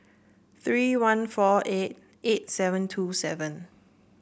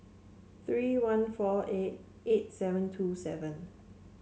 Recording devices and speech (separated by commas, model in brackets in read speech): boundary microphone (BM630), mobile phone (Samsung C7), read sentence